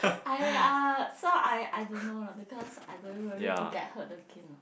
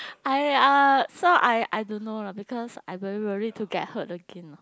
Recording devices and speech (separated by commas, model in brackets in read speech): boundary microphone, close-talking microphone, conversation in the same room